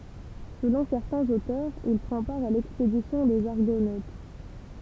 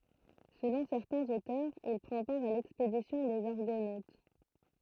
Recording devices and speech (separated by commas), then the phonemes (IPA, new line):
temple vibration pickup, throat microphone, read sentence
səlɔ̃ sɛʁtɛ̃z otœʁz il pʁɑ̃ paʁ a lɛkspedisjɔ̃ dez aʁɡonot